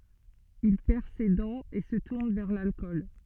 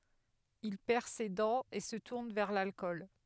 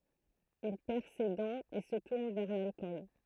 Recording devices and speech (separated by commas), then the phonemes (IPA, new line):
soft in-ear microphone, headset microphone, throat microphone, read sentence
il pɛʁ se dɑ̃z e sə tuʁn vɛʁ lalkɔl